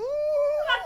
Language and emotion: Thai, happy